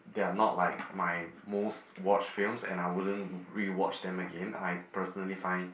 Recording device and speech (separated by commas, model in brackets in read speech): boundary microphone, conversation in the same room